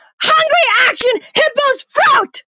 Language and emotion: English, angry